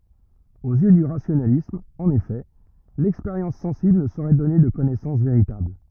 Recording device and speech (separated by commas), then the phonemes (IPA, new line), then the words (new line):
rigid in-ear microphone, read sentence
oz jø dy ʁasjonalism ɑ̃n efɛ lɛkspeʁjɑ̃s sɑ̃sibl nə soʁɛ dɔne də kɔnɛsɑ̃s veʁitabl
Aux yeux du rationalisme, en effet, l’expérience sensible ne saurait donner de connaissance véritable.